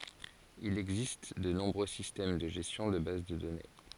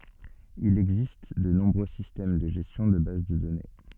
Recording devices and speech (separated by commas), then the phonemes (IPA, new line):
forehead accelerometer, soft in-ear microphone, read sentence
il ɛɡzist də nɔ̃bʁø sistɛm də ʒɛstjɔ̃ də baz də dɔne